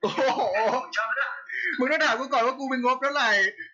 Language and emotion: Thai, happy